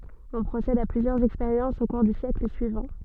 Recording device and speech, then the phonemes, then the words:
soft in-ear microphone, read sentence
ɔ̃ pʁosɛd a plyzjœʁz ɛkspeʁjɑ̃sz o kuʁ dy sjɛkl syivɑ̃
On procède à plusieurs expériences au cours du siècle suivant.

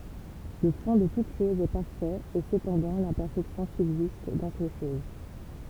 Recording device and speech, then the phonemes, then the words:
temple vibration pickup, read sentence
lə fɔ̃ də tut ʃɔz ɛ paʁfɛt e səpɑ̃dɑ̃ lɛ̃pɛʁfɛksjɔ̃ sybzist dɑ̃ se ʃoz
Le fond de toute chose est parfait, et cependant l'imperfection subsiste dans ces choses.

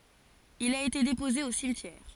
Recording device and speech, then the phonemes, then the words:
forehead accelerometer, read sentence
il a ete depoze o simtjɛʁ
Il a été déposé au cimetière.

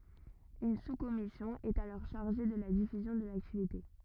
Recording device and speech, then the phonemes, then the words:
rigid in-ear microphone, read sentence
yn suskɔmisjɔ̃ ɛt alɔʁ ʃaʁʒe də la difyzjɔ̃ də laktivite
Une sous-commission est alors chargée de la diffusion de l'activité.

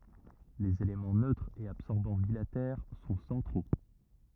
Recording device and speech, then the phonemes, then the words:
rigid in-ear microphone, read sentence
lez elemɑ̃ nøtʁ e absɔʁbɑ̃ bilatɛʁ sɔ̃ sɑ̃tʁo
Les éléments neutre et absorbant bilatères sont centraux.

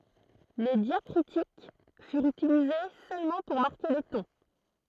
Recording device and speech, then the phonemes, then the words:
throat microphone, read sentence
le djakʁitik fyʁt ytilize sølmɑ̃ puʁ maʁke le tɔ̃
Les diacritiques furent utilisées seulement pour marquer les tons.

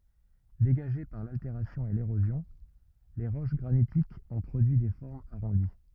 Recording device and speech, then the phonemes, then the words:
rigid in-ear microphone, read sentence
deɡaʒe paʁ lalteʁasjɔ̃ e leʁozjɔ̃l ʁoʃ ɡʁanitikz ɔ̃ pʁodyi de fɔʁmz aʁɔ̃di
Dégagées par l'altération et l'érosion,les roches granitiques ont produit des formes arrondies.

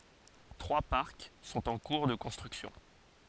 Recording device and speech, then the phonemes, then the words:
forehead accelerometer, read sentence
tʁwa paʁk sɔ̃t ɑ̃ kuʁ də kɔ̃stʁyksjɔ̃
Trois parcs sont en cours de construction.

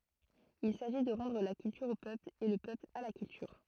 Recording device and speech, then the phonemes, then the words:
throat microphone, read sentence
il saʒi də ʁɑ̃dʁ la kyltyʁ o pøpl e lə pøpl a la kyltyʁ
Il s’agit de “rendre la culture au peuple et le peuple à la culture”.

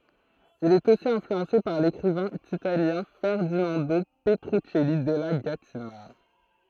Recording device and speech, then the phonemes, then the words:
throat microphone, read sentence
il ɛt osi ɛ̃flyɑ̃se paʁ lekʁivɛ̃ italjɛ̃ fɛʁdinɑ̃do pətʁyksɛli dɛla ɡatina
Il est aussi influencé par l'écrivain italien Ferdinando Petruccelli della Gattina.

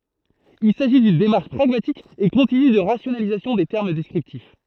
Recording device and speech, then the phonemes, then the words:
throat microphone, read sentence
il saʒi dyn demaʁʃ pʁaɡmatik e kɔ̃tiny də ʁasjonalizasjɔ̃ de tɛʁm dɛskʁiptif
Il s'agit d'une démarche pragmatique et continue de rationalisation des termes descriptifs.

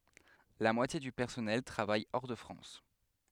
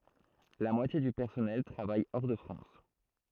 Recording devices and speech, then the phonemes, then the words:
headset microphone, throat microphone, read sentence
la mwatje dy pɛʁsɔnɛl tʁavaj ɔʁ də fʁɑ̃s
La moitié du personnel travaille hors de France.

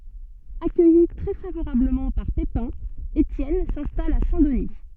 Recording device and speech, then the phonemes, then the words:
soft in-ear microphone, read sentence
akœji tʁɛ favoʁabləmɑ̃ paʁ pepɛ̃ etjɛn sɛ̃stal a sɛ̃ dəni
Accueilli très favorablement par Pépin, Étienne s'installe à Saint-Denis.

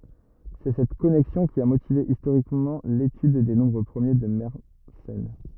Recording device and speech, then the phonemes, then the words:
rigid in-ear microphone, read sentence
sɛ sɛt kɔnɛksjɔ̃ ki a motive istoʁikmɑ̃ letyd de nɔ̃bʁ pʁəmje də mɛʁsɛn
C'est cette connexion qui a motivé historiquement l'étude des nombres premiers de Mersenne.

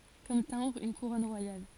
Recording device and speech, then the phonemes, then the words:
forehead accelerometer, read sentence
kɔm tɛ̃bʁ yn kuʁɔn ʁwajal
Comme timbre, une couronne royale.

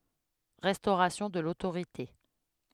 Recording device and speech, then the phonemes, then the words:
headset microphone, read sentence
ʁɛstoʁasjɔ̃ də lotoʁite
Restauration de l'autorité.

